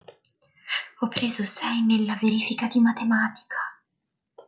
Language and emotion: Italian, surprised